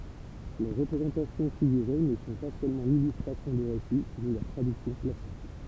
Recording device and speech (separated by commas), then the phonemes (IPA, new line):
temple vibration pickup, read sentence
le ʁəpʁezɑ̃tasjɔ̃ fiɡyʁe nə sɔ̃ pa sølmɑ̃ lilystʁasjɔ̃ də ʁesi ni lœʁ tʁadyksjɔ̃ plastik